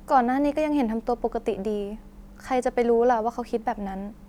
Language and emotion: Thai, neutral